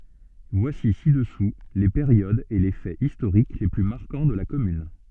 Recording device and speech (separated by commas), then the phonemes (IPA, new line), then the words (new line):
soft in-ear microphone, read sentence
vwasi sidəsu le peʁjodz e le fɛz istoʁik le ply maʁkɑ̃ də la kɔmyn
Voici ci-dessous les périodes et les faits historiques les plus marquants de la commune.